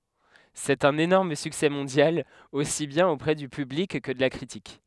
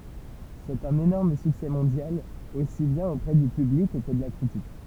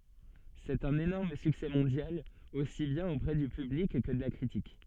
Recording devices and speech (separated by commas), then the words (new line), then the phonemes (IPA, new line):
headset microphone, temple vibration pickup, soft in-ear microphone, read sentence
C'est un énorme succès mondial, aussi bien auprès du public, que de la critique.
sɛt œ̃n enɔʁm syksɛ mɔ̃djal osi bjɛ̃n opʁɛ dy pyblik kə də la kʁitik